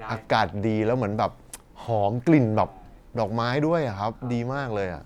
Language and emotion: Thai, happy